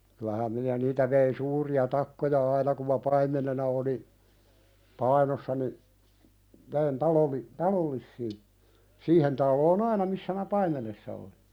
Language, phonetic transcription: Finnish, kylähäm minä 'niitä vein "suuri₍a 'takkoja "aina kum ma "paim̀enena oli , 'Painossa ni , vein taloli- , "talol̀issii , 'siihen talloon ‿"aina missä mä "paimenessa oli .
- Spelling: kyllähän minä niitä vein suuria takkoja aina kun minä paimenena olin Painossa niin vein - talollisille siihen taloon aina missä minä paimenessa olin

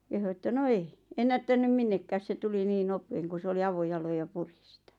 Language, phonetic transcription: Finnish, « kehu että » 'no "ei , 'ennättänym "minnekkääs se 'tuli niin 'nopeeŋ ku 's ‿oli 'avo'jaloj ja 'puri sⁱtᴀ̈ « .
- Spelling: kehui että no ei ennättänyt minnekään se tuli niin nopeasti kun se oli avojaloin ja puri sitä

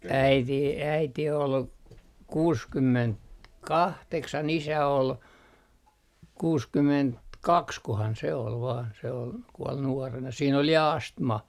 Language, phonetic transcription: Finnish, 'äiti , 'äiti ol , 'kuuskymment- , '-kahteksan 'isä ol , 'kuuskymment - "-kakskohan se ol vaan , se ol , 'kuɔl nuarena siin ‿ol ja "astma .
- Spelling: äiti äiti oli kuusikymmentä kahdeksan isä oli kuusikymmentä kaksikohan se oli vain se oli kuoli nuorena siinä oli ja astma

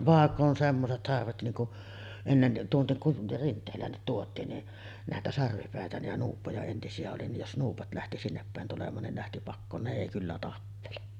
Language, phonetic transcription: Finnish, 'vàekk ‿on 'semmoset sarvet niiŋ ku’ , ennen , tuonnek ku’ , "Rint̆teel̀äännit tuot̆tiin ni , 'nä̀etä sarvipä̀etä nij ja 'nuuppoja entisi₍ä oli nij 'jos 'nuupa̳§t lähti sinneppä̀en tulem̀aan nin ne lähti 'pakkoon 'ne èi kyllä tappele .
- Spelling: vaikka on semmoiset sarvet niin kun ennen tuonne kun Rinteelään tuotiin niin näitä sarvipäitä niin ja nuuppoja entisiä oli niin jos nuupot lähti sinnepäin tulemaan niin ne lähti pakoon ne ei kyllä tappele

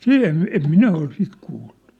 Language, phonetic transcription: Finnish, sit ‿em mi- , 'em "minä 'ol "sit 'kuulʟᴜ .
- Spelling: sitä en - en minä ole sitä kuullut

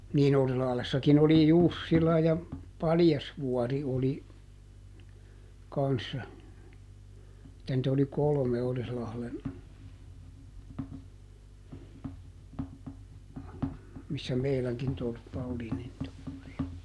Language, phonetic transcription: Finnish, niin ˈOrislahlessakin oli "Jussila ja , "Paljasvuɔri oli , ˈkanssa , [et]tä nt ‿oli "kolᵒme ˈOrislahlen , missä ˈmeiläŋkin ˈtorppa oli nin (tolpparia) .
- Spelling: niin Orilahdessakin oli Jussila ja Paljasvuori oli kanssa että niitä oli kolme Orilahden missä meidänkin torppa oli niin torpparia

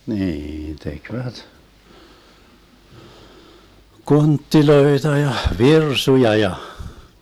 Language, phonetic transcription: Finnish, 'niin tekvät , "konttiloeta ja , "virsuja 'ja .
- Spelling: niin tekivät kontteja ja virsuja ja

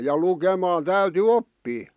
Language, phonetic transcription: Finnish, ja 'lukemaan 'täyty "oppii .
- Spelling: ja lukemaan täytyi oppia

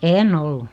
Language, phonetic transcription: Finnish, en'n̆ ‿ollu .
- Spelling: en ollut

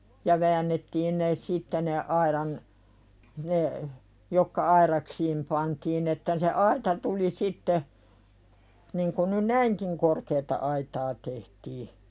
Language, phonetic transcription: Finnish, ja väännettiin ne "sitte ne aiðan , ne , jokka "airaksiim pantiin ‿että se "aita tuli 'sitte , niŋ ku ny "näiŋkiŋ korkeeta 'aitaa tehtii .
- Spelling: ja väännettiin ne sitten ne aidan ne jotka aidaksiin pantiin että se aita tuli sitten niin kuin nyt näinkin korkeata aitaa tehtiin

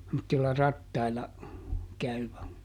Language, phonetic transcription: Finnish, [sem]mottilla "rattaila , käyvä .
- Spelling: semmoisilla rattailla käyvä

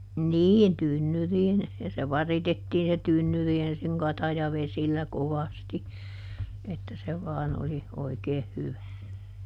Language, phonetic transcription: Finnish, "niin ˈtynnyriin , ja se "varitettiin se ˈtynnyri ensiŋ "katajavesillä ˈkovasti , että se ˈvaan oli , ˈoikeeh ˈhyvä .
- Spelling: niin tynnyriin ja se varitettiin se tynnyri ensin katajavesillä kovasti että se vain oli oikein hyvä

